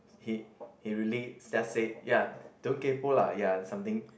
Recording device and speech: boundary microphone, conversation in the same room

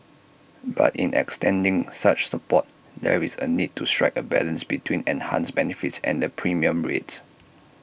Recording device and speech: boundary microphone (BM630), read sentence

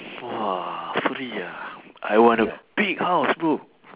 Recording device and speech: telephone, conversation in separate rooms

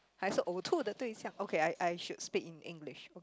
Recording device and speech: close-talking microphone, conversation in the same room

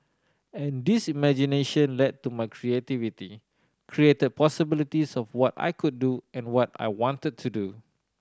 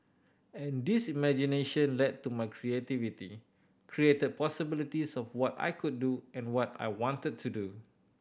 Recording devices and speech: standing microphone (AKG C214), boundary microphone (BM630), read sentence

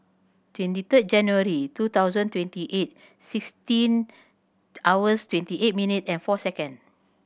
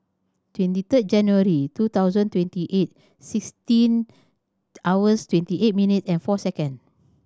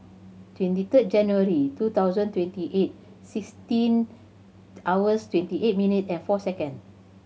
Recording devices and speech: boundary microphone (BM630), standing microphone (AKG C214), mobile phone (Samsung C7100), read sentence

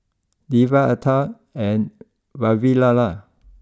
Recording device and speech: close-talking microphone (WH20), read sentence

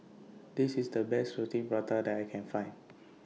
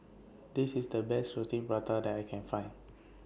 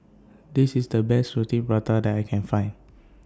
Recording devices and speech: mobile phone (iPhone 6), boundary microphone (BM630), standing microphone (AKG C214), read sentence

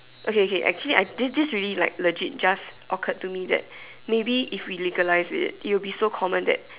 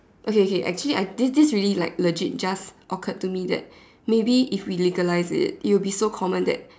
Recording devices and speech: telephone, standing microphone, conversation in separate rooms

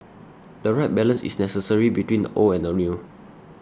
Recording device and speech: standing microphone (AKG C214), read sentence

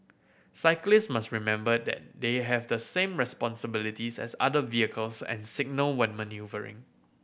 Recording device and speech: boundary microphone (BM630), read sentence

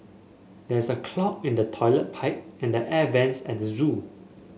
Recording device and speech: mobile phone (Samsung S8), read sentence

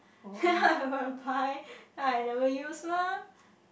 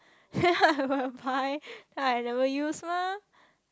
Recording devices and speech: boundary microphone, close-talking microphone, conversation in the same room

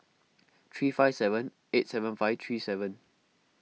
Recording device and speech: mobile phone (iPhone 6), read sentence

